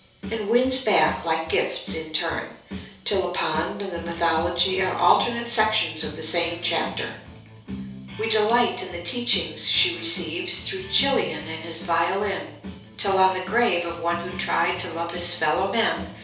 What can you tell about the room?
A small space (about 3.7 m by 2.7 m).